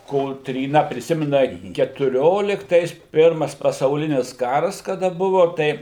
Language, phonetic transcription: Lithuanian, kotryˈna priˈsimina ketuˈrioliktais ˈpirmas pasauˈlinis ˈkaras kaˈda ˈbuvu ˈtai

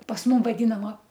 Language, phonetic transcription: Lithuanian, pas ˈmum vaˈdynama

